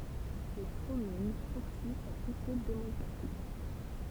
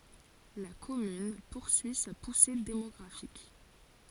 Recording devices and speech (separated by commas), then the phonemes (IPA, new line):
temple vibration pickup, forehead accelerometer, read sentence
la kɔmyn puʁsyi sa puse demɔɡʁafik